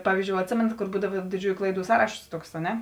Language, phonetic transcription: Lithuanian, ˈpavyzˌdžiou atˈsėmenat kor ˈbūdava diˈdžiųju ˈklaiˌdų ˈsąrašos ˈtuoks a ˈne

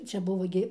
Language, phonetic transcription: Lithuanian, ˈčia ˈbuvo gi

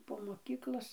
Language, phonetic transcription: Lithuanian, po moˈkyklos

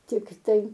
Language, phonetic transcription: Lithuanian, ˈtiktai

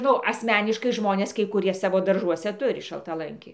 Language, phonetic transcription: Lithuanian, ˈnu asˈmeniškai ˈžmonės kai kuˈrie ˈsavo darˈžuose ˈturi šaltaˈlanki

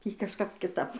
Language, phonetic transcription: Lithuanian, ˈtį kažˈkap kiˈtap

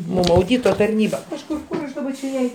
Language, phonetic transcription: Lithuanian, mum auˈdyto tarˈnyba kažˈkur ˈkur aš daˈba čia ˈjai

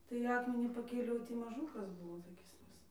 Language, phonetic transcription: Lithuanian, tai ˈakmenį paˈkėliau ˈtį maˈžūkas ˈbūvo toˈkis ˈvis

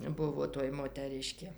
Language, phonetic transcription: Lithuanian, ˈbuvo toj moteˈriškė

